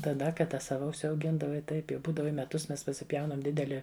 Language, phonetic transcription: Lithuanian, taˈda kaˈda ˈsava užsiauˈgindavai ˈtaip jau ˈbūdava i meˈtus ˈmes pasiˈpjaunam ˈdideli

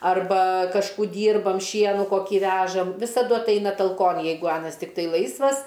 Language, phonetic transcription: Lithuanian, arˈba kažˈkų ˈdyrbam ˈšienu koˈkį ˈvežam visaˈdu atˈaina talˈkon ˈjeigu ˈanas tikˈtai ˈlaisvas

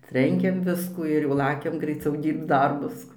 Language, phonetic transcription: Lithuanian, ˈtrenkiam ˈviskų ir jau ˈlakiam graiˈciau ˈdyrbc ˈdarbus

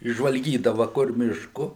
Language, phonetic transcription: Lithuanian, išžvalˈgydava kur ˈmišku

